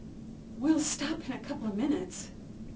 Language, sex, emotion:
English, female, neutral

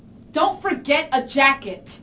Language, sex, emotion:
English, female, angry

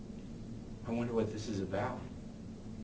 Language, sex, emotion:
English, male, fearful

